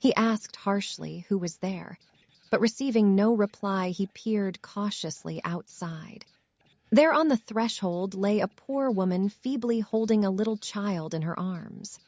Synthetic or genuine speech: synthetic